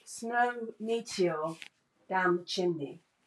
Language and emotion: English, neutral